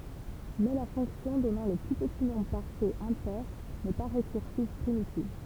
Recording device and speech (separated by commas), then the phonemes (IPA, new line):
temple vibration pickup, read sentence
mɛ la fɔ̃ksjɔ̃ dɔnɑ̃ lə ply pəti nɔ̃bʁ paʁfɛt ɛ̃pɛʁ nɛ pa ʁekyʁsiv pʁimitiv